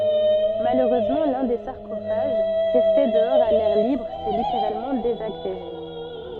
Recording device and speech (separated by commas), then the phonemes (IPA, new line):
soft in-ear microphone, read sentence
maløʁøzmɑ̃ lœ̃ de saʁkofaʒ ʁɛste dəɔʁz a lɛʁ libʁ sɛ liteʁalmɑ̃ dezaɡʁeʒe